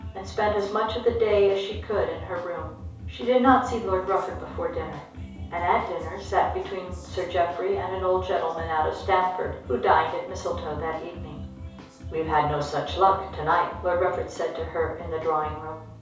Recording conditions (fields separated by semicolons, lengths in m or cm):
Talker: one person; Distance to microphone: 3.0 m; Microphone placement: far; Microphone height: 1.8 m; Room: small (3.7 m by 2.7 m); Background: music